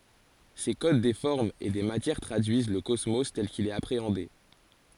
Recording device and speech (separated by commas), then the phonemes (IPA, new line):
forehead accelerometer, read sentence
se kod de fɔʁmz e de matjɛʁ tʁadyiz lə kɔsmo tɛl kil ɛt apʁeɑ̃de